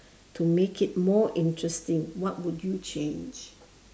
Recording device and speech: standing microphone, conversation in separate rooms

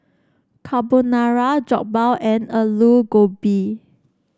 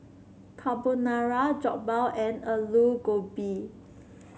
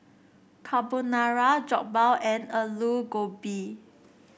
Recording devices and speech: standing microphone (AKG C214), mobile phone (Samsung C7), boundary microphone (BM630), read sentence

